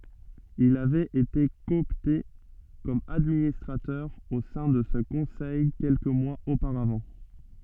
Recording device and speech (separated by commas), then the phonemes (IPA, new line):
soft in-ear microphone, read sentence
il avɛt ete kɔɔpte kɔm administʁatœʁ o sɛ̃ də sə kɔ̃sɛj kɛlkə mwaz opaʁavɑ̃